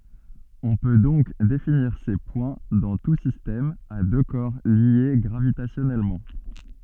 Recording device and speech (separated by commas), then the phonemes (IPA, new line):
soft in-ear microphone, read sentence
ɔ̃ pø dɔ̃k definiʁ se pwɛ̃ dɑ̃ tu sistɛm a dø kɔʁ lje ɡʁavitasjɔnɛlmɑ̃